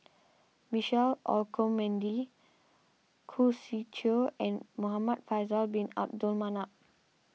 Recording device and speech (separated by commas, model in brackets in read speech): mobile phone (iPhone 6), read sentence